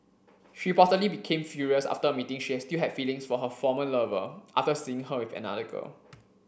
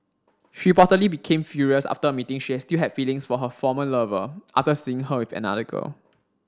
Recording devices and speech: boundary microphone (BM630), standing microphone (AKG C214), read sentence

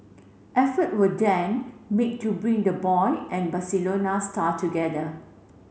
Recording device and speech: mobile phone (Samsung C7), read sentence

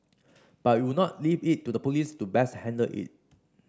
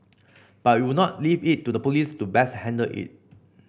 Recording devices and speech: standing microphone (AKG C214), boundary microphone (BM630), read sentence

